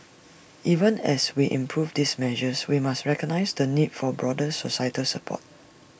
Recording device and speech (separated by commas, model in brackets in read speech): boundary microphone (BM630), read sentence